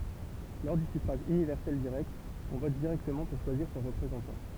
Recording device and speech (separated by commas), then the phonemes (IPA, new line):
temple vibration pickup, read sentence
lɔʁ dy syfʁaʒ ynivɛʁsɛl diʁɛkt ɔ̃ vɔt diʁɛktəmɑ̃ puʁ ʃwaziʁ sɔ̃ ʁəpʁezɑ̃tɑ̃